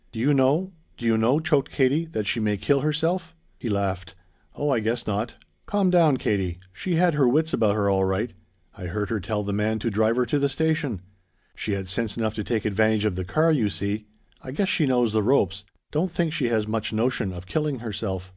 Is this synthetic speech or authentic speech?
authentic